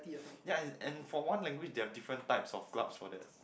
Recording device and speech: boundary microphone, conversation in the same room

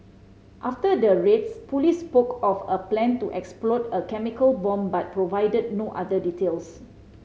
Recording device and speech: mobile phone (Samsung C5010), read sentence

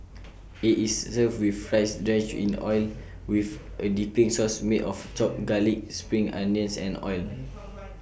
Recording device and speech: boundary microphone (BM630), read sentence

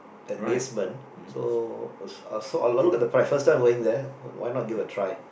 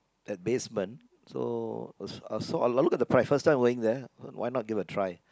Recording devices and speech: boundary microphone, close-talking microphone, conversation in the same room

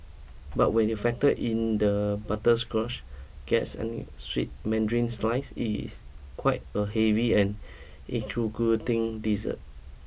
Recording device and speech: boundary microphone (BM630), read sentence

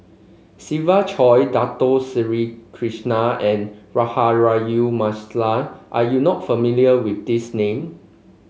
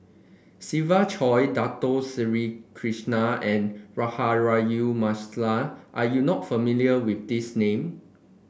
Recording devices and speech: mobile phone (Samsung C5), boundary microphone (BM630), read sentence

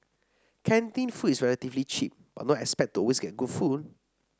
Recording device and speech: standing microphone (AKG C214), read sentence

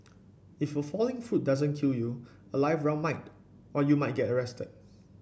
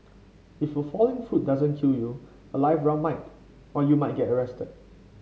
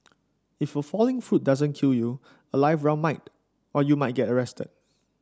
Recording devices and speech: boundary microphone (BM630), mobile phone (Samsung C5), standing microphone (AKG C214), read sentence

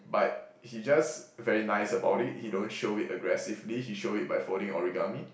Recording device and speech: boundary microphone, conversation in the same room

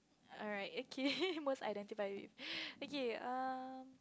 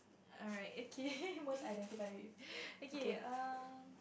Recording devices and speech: close-talking microphone, boundary microphone, conversation in the same room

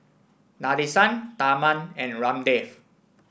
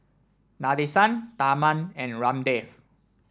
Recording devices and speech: boundary microphone (BM630), standing microphone (AKG C214), read sentence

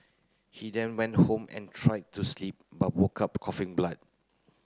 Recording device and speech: close-talking microphone (WH30), read sentence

